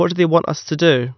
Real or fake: real